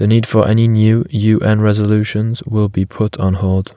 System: none